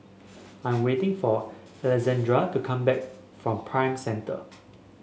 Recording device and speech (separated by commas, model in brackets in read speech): mobile phone (Samsung S8), read sentence